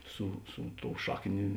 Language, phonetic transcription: Lithuanian, ˈsu ˈsu ˌtou ˈšakˌnė

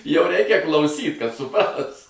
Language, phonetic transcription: Lithuanian, jau ˈreikia klauˈsyt kad suˈpras

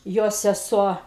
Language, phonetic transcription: Lithuanian, ˈjo seˈsuo

